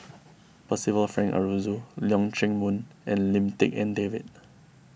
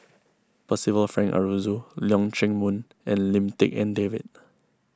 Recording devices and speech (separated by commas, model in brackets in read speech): boundary microphone (BM630), close-talking microphone (WH20), read sentence